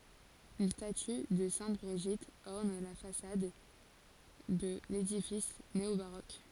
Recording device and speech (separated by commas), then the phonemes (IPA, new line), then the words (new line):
forehead accelerometer, read sentence
yn staty də sɛ̃t bʁiʒit ɔʁn la fasad də ledifis neobaʁok
Une statue de sainte Brigitte orne la façade de l'édifice néo-baroque.